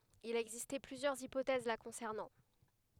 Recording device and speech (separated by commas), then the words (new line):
headset microphone, read sentence
Il a existé plusieurs hypothèses la concernant.